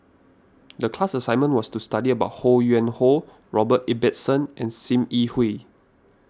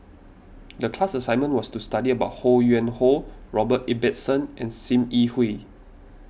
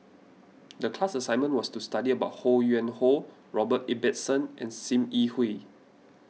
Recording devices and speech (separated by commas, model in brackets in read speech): standing microphone (AKG C214), boundary microphone (BM630), mobile phone (iPhone 6), read sentence